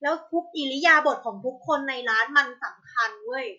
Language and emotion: Thai, angry